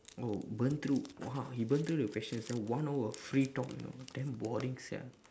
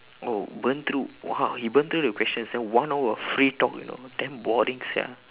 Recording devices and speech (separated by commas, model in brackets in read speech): standing microphone, telephone, conversation in separate rooms